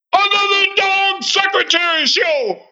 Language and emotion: English, angry